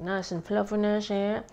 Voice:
funny voice